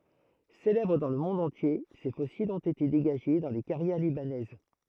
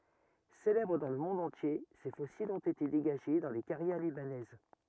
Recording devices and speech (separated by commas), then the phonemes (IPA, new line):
throat microphone, rigid in-ear microphone, read sentence
selɛbʁ dɑ̃ lə mɔ̃d ɑ̃tje se fɔsilz ɔ̃t ete deɡaʒe dɑ̃ le kaʁjɛʁ libanɛz